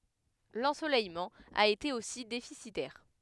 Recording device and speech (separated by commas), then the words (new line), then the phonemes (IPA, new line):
headset microphone, read sentence
L'ensoleillement a été aussi déficitaire.
lɑ̃solɛjmɑ̃ a ete osi defisitɛʁ